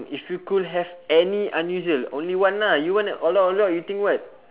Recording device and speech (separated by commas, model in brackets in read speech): telephone, conversation in separate rooms